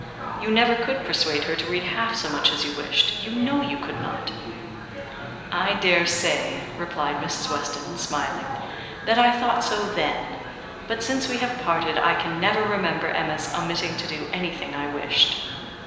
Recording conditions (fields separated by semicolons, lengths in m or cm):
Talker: one person; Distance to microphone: 1.7 m; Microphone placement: close; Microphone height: 1.0 m; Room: very reverberant, large; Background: babble